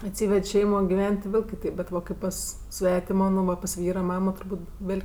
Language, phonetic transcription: Lithuanian, atˈsyved' ˈšeimo giˈven't' ti ˈvėl' kiˈteip bet ˈva ˈkaip pas ˈsvetimo nu ˈva pas ˈvyra ˈmamo turˈbūt' ˈvėl'

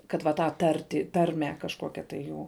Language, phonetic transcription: Lithuanian, kad va ˈtą ˈtartį ˈtarmę kažˈkokia tai ˈjų

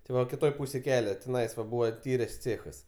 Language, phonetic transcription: Lithuanian, ti ˈva kiˈtoj ˈpūsėj ˈkele tiˈnais va ˈbūva ˈtyrės ˈcėchas

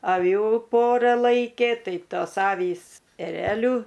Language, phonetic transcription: Lithuanian, aˈvių ˈpora ˈlaikė ˈtai ˈtos ˈavys eˈreliu

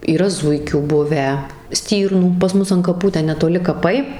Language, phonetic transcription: Lithuanian, yˈra ˈzuikių ˈbuvę ˈstyrnų pas ˈmus an kaˈpų ˈten netoˈli kaˈpai

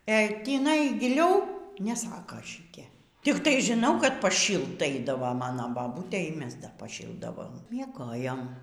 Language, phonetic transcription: Lithuanian, e tįˈnai giˈliau neˈsaka šiˈtie tikˈtai žiˈnau kad paˈšylt ˈaidavo ˈmano baˈbūtė y ˈmes dar paˈšyldavom mieˈgojom

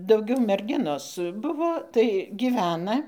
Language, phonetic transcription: Lithuanian, dauˈgiau merˈginos ˈbuvo tai giˈvena

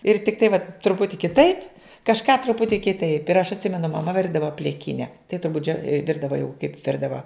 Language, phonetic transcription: Lithuanian, ir tikˈtai vat truˈputi kiˈtaip kažˈką truˈputį kiˈtaip ir aš atˈsimenu maˈma ˈvirdava pliˈkine tai turˈbut džio ˈvirdava jau kaip ˈvirdava

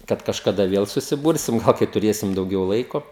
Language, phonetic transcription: Lithuanian, ˈkad kažkaˈda ˈviel susiˈbursim ˈgal kai tuˈrėsim dauˈgiau ˈlaiko

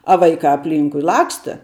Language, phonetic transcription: Lithuanian, a ˈvaikā apˈlynkui ˈlaksta

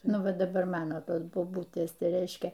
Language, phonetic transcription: Lithuanian, ˈnu ˈva daˈbar ˈmano ˈtos boˈbutės ˈtai ˈreiškia

